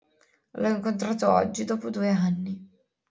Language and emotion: Italian, sad